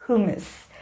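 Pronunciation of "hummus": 'Hummus' is pronounced correctly here.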